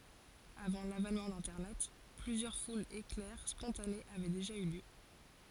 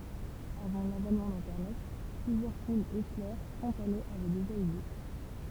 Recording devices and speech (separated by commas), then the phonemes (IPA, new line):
forehead accelerometer, temple vibration pickup, read sentence
avɑ̃ lavɛnmɑ̃ dɛ̃tɛʁnɛt plyzjœʁ fulz eklɛʁ spɔ̃tanez avɛ deʒa y ljø